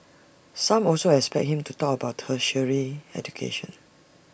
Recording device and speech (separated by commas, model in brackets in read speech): boundary microphone (BM630), read sentence